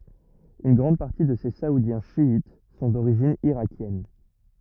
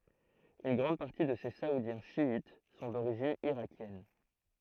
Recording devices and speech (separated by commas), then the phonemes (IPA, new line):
rigid in-ear microphone, throat microphone, read sentence
yn ɡʁɑ̃d paʁti də se saudjɛ̃ ʃjit sɔ̃ doʁiʒin iʁakjɛn